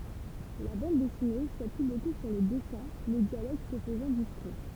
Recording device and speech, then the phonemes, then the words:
temple vibration pickup, read sentence
la bɑ̃d dɛsine sapyi boku syʁ lə dɛsɛ̃ le djaloɡ sə fəzɑ̃ diskʁɛ
La bande dessinée s'appuie beaucoup sur le dessins, les dialogues se faisant discrets.

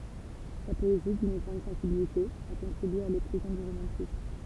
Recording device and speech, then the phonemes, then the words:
temple vibration pickup, read sentence
sa pɔezi dyn ɡʁɑ̃d sɑ̃sibilite a kɔ̃tʁibye a leklozjɔ̃ dy ʁomɑ̃tism
Sa poésie, d'une grande sensibilité, a contribué à l'éclosion du romantisme.

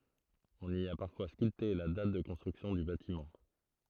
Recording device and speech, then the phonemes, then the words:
throat microphone, read sentence
ɔ̃n i a paʁfwa skylte la dat də kɔ̃stʁyksjɔ̃ dy batimɑ̃
On y a parfois sculpté la date de construction du bâtiment.

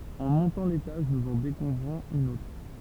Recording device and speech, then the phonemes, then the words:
temple vibration pickup, read sentence
ɑ̃ mɔ̃tɑ̃ letaʒ nuz ɑ̃ dekuvʁɔ̃z yn otʁ
En montant l'étage, nous en découvrons une autre.

